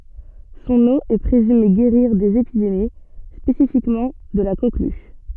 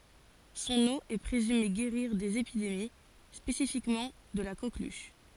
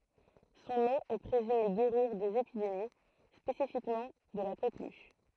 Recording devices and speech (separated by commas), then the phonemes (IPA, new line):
soft in-ear microphone, forehead accelerometer, throat microphone, read sentence
sɔ̃n o ɛ pʁezyme ɡeʁiʁ dez epidemi spesifikmɑ̃ də la koklyʃ